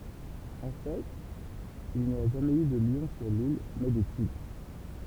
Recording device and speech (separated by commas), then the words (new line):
temple vibration pickup, read sentence
En fait, il n'y a jamais eu de lion sur l'île, mais des tigres.